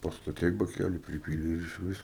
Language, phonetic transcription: Lithuanian, pastaˈtei baˈkælį priˈpylei ir išˈvis

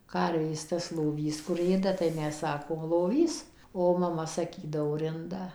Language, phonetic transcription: Lithuanian, ˈkarvės tas loˈvys kur ˈėda tai ˈmes ˈsakom loˈvys o maˈma saˈkydavo rinˈda

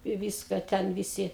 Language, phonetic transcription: Lithuanian, i ˈvyska ˈten viˈsi

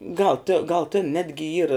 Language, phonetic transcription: Lithuanian, gal ti gal tin ˈnetgi ˈyra

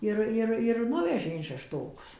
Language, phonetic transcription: Lithuanian, ˈir ˈir ir ˈnuvežė in šešˈtokus

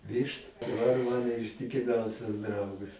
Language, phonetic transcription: Lithuanian, ˈvištu daˈbar ˈmano ištikiˈmiausias ˈdraugas

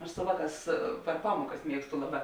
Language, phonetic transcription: Lithuanian, aš su ˈvāˌkās per ˈpamuokas ˈmiegstu ˈlaˌbā

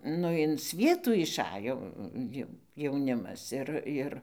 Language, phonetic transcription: Lithuanian, ˈnu in ˈsvietų išˈajo ˈjau jauˈnimas ˈir ˈir

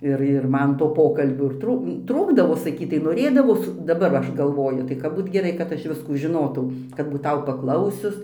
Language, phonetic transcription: Lithuanian, ˈir ir ˈman to ˈpokalbių ir ˈtrūk ˈtrūkdavo saˈkytai noˈrėdavos daˈbar va ˈaš galˈvoju tai ˈkap ˈbūt geˈrai kad ˈaš ˈviskų žiˈnotau kad būˈtau paˈklausius

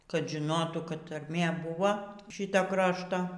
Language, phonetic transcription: Lithuanian, kad žiˈnotų kad tarˈmė ˈbuvo ˈšito ˈkrašto

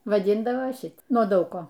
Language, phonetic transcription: Lithuanian, vaˈdindavo ˈšit nuo ˈdaug ˈko

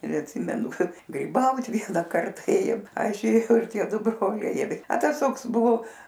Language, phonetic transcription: Lithuanian, ir atˈsimenu ˈkad gryˈbaut ˈviena ˈkarta ˈėjom ˈaš ėˈjau ir ˈtie ˈdu ˈbroliai ir a ˈtas ˈtoks ˈbuvo

